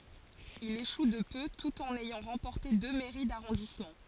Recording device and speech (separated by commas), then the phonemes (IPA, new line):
forehead accelerometer, read sentence
il eʃu də pø tut ɑ̃n ɛjɑ̃ ʁɑ̃pɔʁte dø mɛʁi daʁɔ̃dismɑ̃